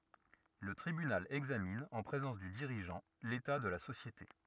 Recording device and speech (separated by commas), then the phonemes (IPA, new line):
rigid in-ear microphone, read sentence
lə tʁibynal ɛɡzamin ɑ̃ pʁezɑ̃s dy diʁiʒɑ̃ leta də la sosjete